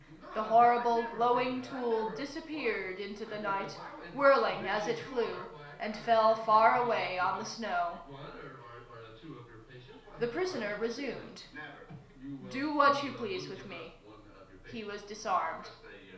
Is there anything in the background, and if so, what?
A television.